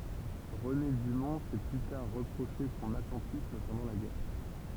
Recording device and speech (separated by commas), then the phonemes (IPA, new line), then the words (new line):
temple vibration pickup, read sentence
ʁəne dymɔ̃ sɛ ply taʁ ʁəpʁoʃe sɔ̃n atɑ̃tism pɑ̃dɑ̃ la ɡɛʁ
René Dumont s'est plus tard reproché son attentisme pendant la guerre.